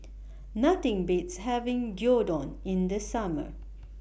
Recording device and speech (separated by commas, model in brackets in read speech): boundary microphone (BM630), read sentence